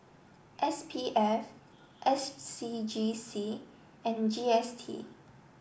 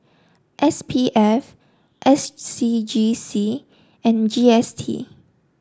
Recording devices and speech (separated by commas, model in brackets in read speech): boundary microphone (BM630), standing microphone (AKG C214), read sentence